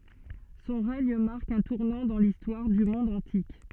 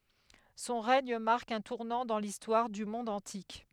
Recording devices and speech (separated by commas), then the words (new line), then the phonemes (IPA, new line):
soft in-ear microphone, headset microphone, read sentence
Son règne marque un tournant dans l'histoire du monde antique.
sɔ̃ ʁɛɲ maʁk œ̃ tuʁnɑ̃ dɑ̃ listwaʁ dy mɔ̃d ɑ̃tik